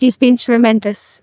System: TTS, neural waveform model